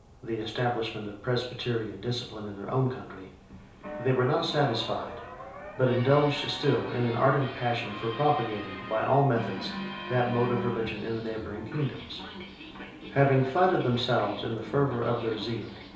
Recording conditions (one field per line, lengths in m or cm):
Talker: one person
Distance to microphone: 3.0 m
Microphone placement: far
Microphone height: 1.8 m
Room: small (3.7 m by 2.7 m)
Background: television